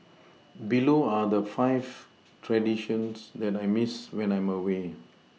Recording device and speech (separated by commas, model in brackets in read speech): mobile phone (iPhone 6), read sentence